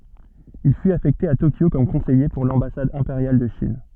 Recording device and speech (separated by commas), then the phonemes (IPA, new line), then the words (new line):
soft in-ear microphone, read sentence
il fyt afɛkte a tokjo kɔm kɔ̃sɛje puʁ lɑ̃basad ɛ̃peʁjal də ʃin
Il fut affecté à Tokyo comme conseiller pour l'ambassade impériale de Chine.